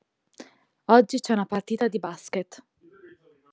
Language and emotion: Italian, neutral